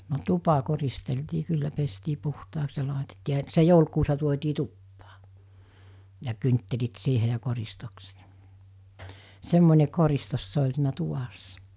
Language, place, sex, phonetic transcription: Finnish, Mikkeli, female, no 'tupa 'koristeltii 'kyllä pestii puhtaaks ja 'làetettii ja , se 'joulkuusa tuot́ii 'tuppaa , ja kynttelit siihe ja koristokset , 'semmońe koristos se oĺ siinä 'tuvassa .
- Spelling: no tupa koristeltiin kyllä pestiin puhtaaksi ja laitettiin ja se joulukuusihan tuotiin tupaan ja kynttilät siihen ja koristukset semmoinen koristus se oli siinä tuvassa

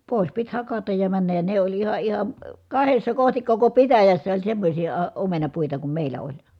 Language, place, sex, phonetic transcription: Finnish, Kitee, female, pòis pit hakataj ja männäj ja ne ‿oĺ iha iha , kahessa kohtik koko pitäjässä oĺ semmośi- , -à omenapuita kum mèil̆lä oĺ .
- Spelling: pois piti hakata ja mennä ja ne oli ihan ihan kahdessa kohti koko pitäjässä oli semmoisia - omenapuita kuin meillä oli

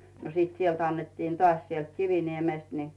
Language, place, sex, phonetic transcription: Finnish, Rautu, female, no siit 'sielt annettin tᵒàś 'sielt 'Kiviniemèst ni .
- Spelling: no sitten sieltä annettiin taas sieltä Kiviniemestä niin

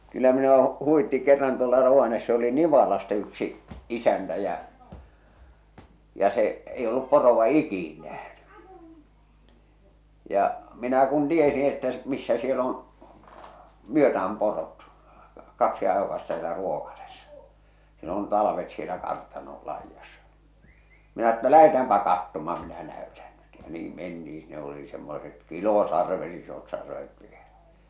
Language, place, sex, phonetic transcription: Finnish, Salla, male, kyllä minu₍a huʷitti kerran tuola (Rovaness‿) oli 'Nivalasta yksi , 'isäntä jä , ja se’ , ei ollup porova "ikìn nähny , ja , minä kun 'tiesiḭ että s- , missä siel ‿on̬ , 'myötä₍äm porot , 'kaksi ajokasta sielä 'Ruòkasessa , siel ‿on 'talavet sielä 'kartanol 'laijassᴀ , minä ‿ᵉttä » 'lähetäämpä 'kattoma minä 'näötän ɴʏt « ja 'niim menti₍iḭ sinne oli semmoset 'kilosarvet isot sarvet vielᴀ̈ .
- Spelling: kyllä minua huvitti kerran tuolla Rovaniemessä oli Nivalasta yksi isäntä ja ja se ei ollut poroa ikinä nähnyt ja minä kun tiesin että - missä siellä on myötään porot kaksi ajokasta siellä Ruokasessa siellä on talvet siellä kartanon laidassa minä että lähdetäänpä katsomaan minä näytän nyt ja niin mentiin sinne oli semmoiset kilosarvet isot sarvet vielä

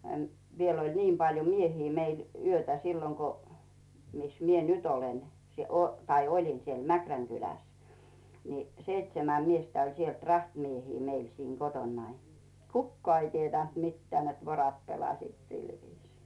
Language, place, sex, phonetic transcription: Finnish, Rautu, female, m- , 'viel oĺ 'niim paljo "miehii meil , 'yötä silloŋ ko , mis 'mie "nyt ‿olen , tai "oĺin 'siel 'Mäkräŋ kyläs , ni , 'seitsemä miestä oĺ sielt 'rahtmiehii meil siiŋ 'kotonnai , "kukkᵒà ei 'tietä̀nt "mitteä̀ net "vorat 'pelasiit 'sil viisii .
- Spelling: - vielä oli niin paljon miehiä meillä yötä silloin kun missä minä nyt olen tai olin siellä Mäkrän kylässä niin seitsemän miestä oli sieltä rahtimiehiä meillä siinä kotonani kukaan ei tiennyt mitään että vorot pelasivat sillä viisiin

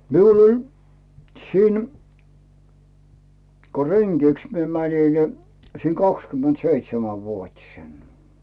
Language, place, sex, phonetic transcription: Finnish, Rautu, male, 'miul ‿oĺ , siin , ko "reŋGiks mie 'mäńi ni , siin 'kakskym̆ment'seitsemä'vuot́isen .
- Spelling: minulla oli siinä kun rengiksi minä menin niin siinä kaksikymmentäseitsemänvuotisena

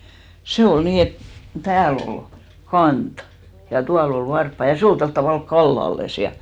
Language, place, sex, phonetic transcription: Finnish, Hinnerjoki, female, 'se ol 'nii et , 'tääl ‿ol "kant , ja 'tual ‿ol 'varppa ja 'se ol 'tolt tavàlk "kallalles ja .
- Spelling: se oli niin että täällä oli kanta ja tuolla oli varpaat ja se oli tuolla tavalla kallellaan ja

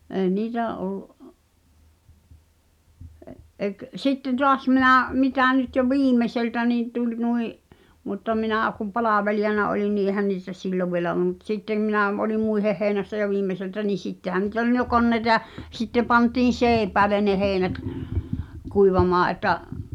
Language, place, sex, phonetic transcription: Finnish, Pihtipudas, female, 'ee 'niitä (olu) , ᵉ- , ek- , 'sitteⁿ 'toas mi̬nà̳ , 'mitä̀ nyt jo "viimeseltä nì tul̀ 'nui’ , mutta 'minä͔̀ kuᵐ "palavelijana olin ni ’ehän niitä "sillov vielä olᵘm mut "sittem minä̀ m- , oli "muiheh hèinässä jo "viimmeseltä nii "sittehä niit ‿ol n- jo "konneĭta ʲa , 'sitte 'pantiin̬ "seeⁱpäälen ne 'heeⁱnät , kuivamaa ’et̆ta̳ , ə- ,.
- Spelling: ei niitä ollut - - sitten taas minä mitä nyt jo viimeiseltä niin tuli nuo mutta minä kun palvelijana olin niin eihän niitä silloin vielä ollut mutta sitten minä - olin muiden heinässä jo viimeiseltä niin sittenhän niitä oli - jo koneita ja sitten pantiin seipäälle ne heinät kuivamaan että -

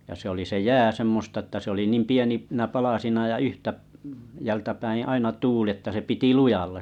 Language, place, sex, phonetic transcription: Finnish, Kalajoki, male, ja 'se ‿oli se "jää semmosta ᵉttä se oli 'niim 'pieni -nä 'palasina ja "yhtä- , -jältäpäiḭ 'aina 'tuuli että se 'piti lujalla .
- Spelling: ja se oli se jää semmoista että se oli niin - pieninä palasina ja - yhtäältä päin aina tuuli että se piti lujalla

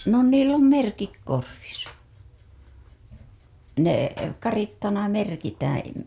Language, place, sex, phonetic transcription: Finnish, Hailuoto, female, no niill ‿om "merkik 'korvisa , nè , "karittana 'merkitäää̰ .
- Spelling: no niillä on merkit korvissa ne karitsana merkitään

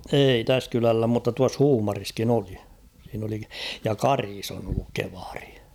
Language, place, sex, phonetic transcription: Finnish, Kauhava, male, 'eei 'täs kylällä mutta tuas "Huumariskin ‿'oli ; siin ‿oli , ja "Karis ‿on ‿olluk 'kevaʀɪ .
- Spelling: ei tässä kylällä mutta tuossa Huumarissakin oli siinä oli ja Karissa on ollut kievari

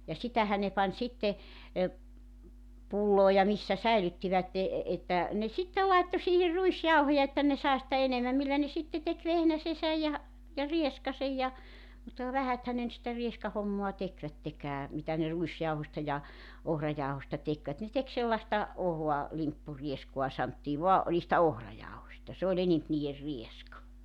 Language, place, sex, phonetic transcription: Finnish, Joutsa, female, ja 'sitähä ne pań 'sitte , e , 'pulloo ja 'missä 'säilyttivätte , että , ne 'sittel laitto siihir 'ruisjauhoja että ne 'sae sⁱtä 'enemäm millä ne 'sitte tek 'vehnäsesäj ja , ja 'rieskasej ja , mutta ka 'vähäthän ne nʸt sitä 'rieskahommoa 'tekvättekää , mitä ne 'ruisjauhosta ja , 'ohrajaohosta 'tekvät ne tek 'sellasta , 'ohoa , 'limppurieskua santtii 'voa , o- niistä 'ohrajaohośta se ‿oĺ enemp nii₍er 'rieska .
- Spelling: ja sitähän ne pani sitten - pulloon ja missä säilyttivät että ne sitten laittoi siihen ruisjauhoja että ne sai sitä enemmän millä ne sitten teki vehnäsensä ja ja rieskansa ja mutta ka vähäthän ne nyt sitä rieskahommaa tekivätkään mitä ne ruisjauhosta ja ohrajauhosta tekivät ne teki sellaista ohutta limppurieskaa sanottiin vain - niistä ohrajauhoista se oli enempi niiden rieska

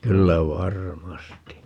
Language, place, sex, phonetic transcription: Finnish, Paavola, male, 'kyllä 'var"masti .
- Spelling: kyllä varmasti

